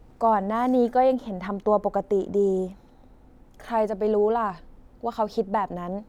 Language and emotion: Thai, neutral